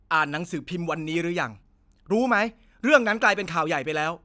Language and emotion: Thai, angry